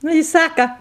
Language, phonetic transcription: Lithuanian, ˈnu i ˈsaka

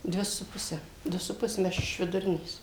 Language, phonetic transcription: Lithuanian, ˈdvi su ˈpuse ˈdu su ˈpus ˈme ˈaš iš viduˈrinės

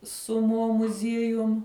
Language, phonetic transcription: Lithuanian, su mo muˈziejum

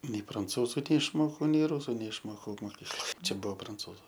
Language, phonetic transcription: Lithuanian, nei pranˈcūzu neišˈmokau nei ˈrusu neišˈmokau moˈkykloj ˈčia ˈbuo pranˈcūzu

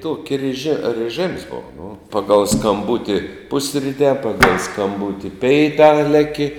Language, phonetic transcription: Lithuanian, ˈtoki reˈži rɨˈžɨms ˈbova nu ˈpagal skamˈbuti ˈpusritē ˈpagal skamˈbuti ˈpeitā ˈleki

